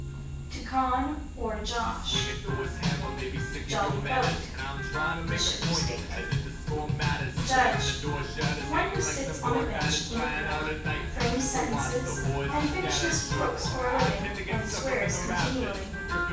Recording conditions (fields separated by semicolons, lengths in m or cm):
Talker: one person; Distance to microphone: 9.8 m; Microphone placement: far; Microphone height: 1.8 m; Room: large; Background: music